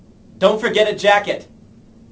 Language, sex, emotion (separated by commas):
English, male, angry